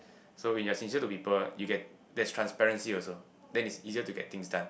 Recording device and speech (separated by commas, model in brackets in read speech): boundary microphone, conversation in the same room